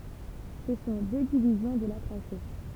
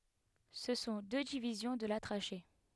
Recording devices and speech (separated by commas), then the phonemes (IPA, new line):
temple vibration pickup, headset microphone, read sentence
sə sɔ̃ dø divizjɔ̃ də la tʁaʃe